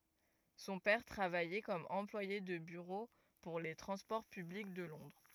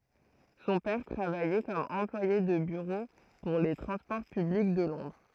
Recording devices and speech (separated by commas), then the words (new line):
rigid in-ear microphone, throat microphone, read sentence
Son père travaillait comme employé de bureau pour les transports publics de Londres.